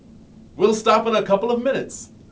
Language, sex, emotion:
English
male
angry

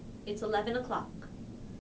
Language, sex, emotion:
English
female
neutral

